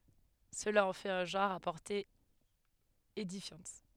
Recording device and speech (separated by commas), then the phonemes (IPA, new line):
headset microphone, read sentence
səla ɑ̃ fɛt œ̃ ʒɑ̃ʁ a pɔʁte edifjɑ̃t